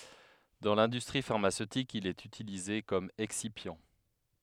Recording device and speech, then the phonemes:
headset microphone, read sentence
dɑ̃ lɛ̃dystʁi faʁmasøtik il ɛt ytilize kɔm ɛksipjɑ̃

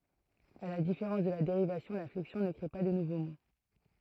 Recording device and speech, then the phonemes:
throat microphone, read sentence
a la difeʁɑ̃s də la deʁivasjɔ̃ la flɛksjɔ̃ nə kʁe pa də nuvo mo

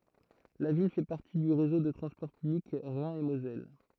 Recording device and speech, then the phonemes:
throat microphone, read sentence
la vil fɛ paʁti dy ʁezo də tʁɑ̃spɔʁ pyblik ʁɛ̃ e mozɛl

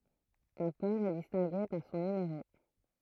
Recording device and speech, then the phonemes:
throat microphone, read sentence
œ̃ pɔʁ ɛ distɛ̃ɡe paʁ sɔ̃ nymeʁo

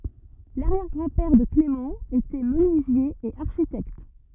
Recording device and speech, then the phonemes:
rigid in-ear microphone, read sentence
laʁjɛʁ ɡʁɑ̃ pɛʁ də klemɑ̃ etɛ mənyizje e aʁʃitɛkt

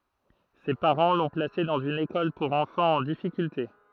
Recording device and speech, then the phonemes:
throat microphone, read sentence
se paʁɑ̃ lɔ̃ plase dɑ̃z yn ekɔl puʁ ɑ̃fɑ̃z ɑ̃ difikylte

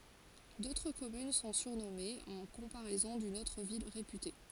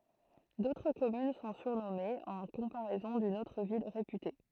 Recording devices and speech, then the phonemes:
forehead accelerometer, throat microphone, read sentence
dotʁ kɔmyn sɔ̃ syʁnɔmez ɑ̃ kɔ̃paʁɛzɔ̃ dyn otʁ vil ʁepyte

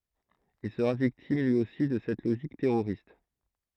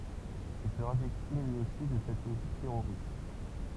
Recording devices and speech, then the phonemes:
throat microphone, temple vibration pickup, read sentence
il səʁa viktim lyi osi də sɛt loʒik tɛʁoʁist

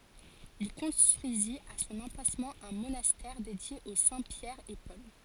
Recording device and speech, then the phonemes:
forehead accelerometer, read sentence
il kɔ̃stʁyizit a sɔ̃n ɑ̃plasmɑ̃ œ̃ monastɛʁ dedje o sɛ̃ pjɛʁ e pɔl

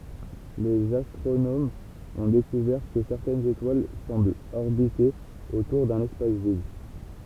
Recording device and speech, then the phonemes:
temple vibration pickup, read sentence
lez astʁonomz ɔ̃ dekuvɛʁ kə sɛʁtɛnz etwal sɑ̃blt ɔʁbite otuʁ dœ̃n ɛspas vid

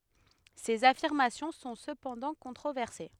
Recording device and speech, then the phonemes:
headset microphone, read sentence
sez afiʁmasjɔ̃ sɔ̃ səpɑ̃dɑ̃ kɔ̃tʁovɛʁse

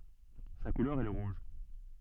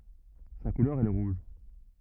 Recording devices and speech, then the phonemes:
soft in-ear microphone, rigid in-ear microphone, read sentence
sa kulœʁ ɛ lə ʁuʒ

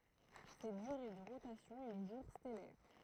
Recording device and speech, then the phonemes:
throat microphone, read sentence
sɛt dyʁe də ʁotasjɔ̃ ɛ lə ʒuʁ stɛlɛʁ

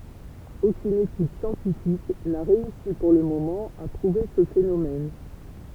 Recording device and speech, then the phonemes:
temple vibration pickup, read sentence
okyn etyd sjɑ̃tifik na ʁeysi puʁ lə momɑ̃ a pʁuve sə fenomɛn

